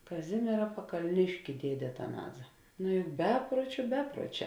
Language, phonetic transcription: Lithuanian, kaˈzimiera pakalˈniški ˈdiedė ataˈnaza ˈnu juk ˈbepruočiu ˈbepruoˌčē

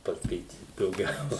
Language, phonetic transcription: Lithuanian, paskaiˈtyt dauˈgiau

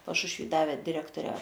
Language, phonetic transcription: Lithuanian, pašušˈvy ˈdave diˈrektore

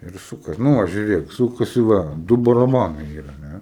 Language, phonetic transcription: Lithuanian, ir ˈsūkas nu ˈva žiuˈrėk ˈsūkasi ˈva ˈdu baraˈbanai ˈyra a ˈne

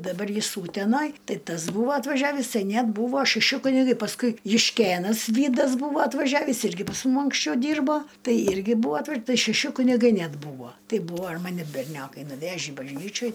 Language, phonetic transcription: Lithuanian, daˈbar ˈjis ˈūtenaj ˈtai ˈtas ˈbūva atvaˈžiavįs ˈtai ˈnet ˈbūvo šeˈši kuniˈgai pasˈkui jušˈkėnas ˈvydas ˈbūvo atvaˈžiavįs ˈirgi pas ˈmum anksˈčiau ˈdyrbo ˈtai ˈirgi ˈbūva atˈva ˈtai šeˈši kuniˈgai ˈnet ˈbūvo ˈtei ˈbūvo ir ˈmani berˈniokai nuˈvežį bažˈnyčioj

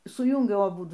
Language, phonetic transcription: Lithuanian, suˈjūngiau aˈbudu

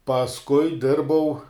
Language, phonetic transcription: Lithuanian, pasˈkui ˈdirbau

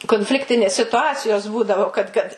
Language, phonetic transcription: Lithuanian, konˈfliktinės situˈacijos ˈbūdavo kad kad

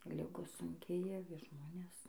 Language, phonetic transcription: Lithuanian, ˈligos sunˈkėja ˈvis ˈžmones

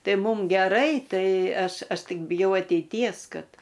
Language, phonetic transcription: Lithuanian, ˈtai ˈmum geˈrai ˈtai ˈaš ˈaš ˈtik biˈjau ateiˈties ˈkad

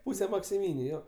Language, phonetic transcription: Lithuanian, ˈpuse maksiˈmyniu ˈjo

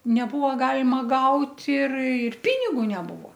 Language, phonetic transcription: Lithuanian, neˈbuvo ˈgalima ˈgaut' ir ir ˈpinigu neˈbuvo

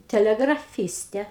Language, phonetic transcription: Lithuanian, teˌlegraˈfyste

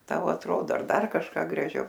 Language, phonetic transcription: Lithuanian, ˈtau atˈrodo ar ˈdar kažˈką graˈžiau

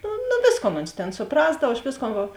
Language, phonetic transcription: Lithuanian, no noˈvėsˌkon ons tėn suˈprasdav aš ˈvėsˌkon ˈva

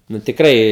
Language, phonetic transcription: Lithuanian, nu tikˈrai

